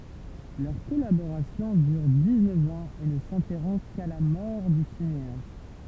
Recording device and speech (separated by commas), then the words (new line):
temple vibration pickup, read sentence
Leur collaboration dure dix-neuf ans et ne s'interrompt qu'à la mort du cinéaste.